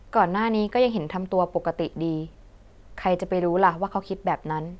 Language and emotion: Thai, neutral